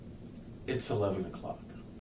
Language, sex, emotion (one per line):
English
male
neutral